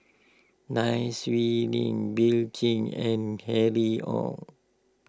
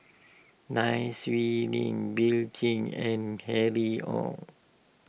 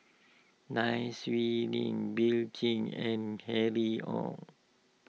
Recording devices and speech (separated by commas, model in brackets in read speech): close-talking microphone (WH20), boundary microphone (BM630), mobile phone (iPhone 6), read sentence